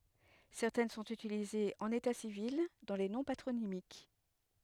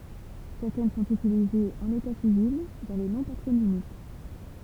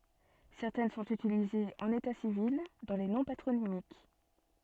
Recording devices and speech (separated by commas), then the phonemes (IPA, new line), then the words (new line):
headset microphone, temple vibration pickup, soft in-ear microphone, read sentence
sɛʁtɛn sɔ̃t ytilizez ɑ̃n eta sivil dɑ̃ le nɔ̃ patʁonimik
Certaines sont utilisées en état civil dans les noms patronymiques.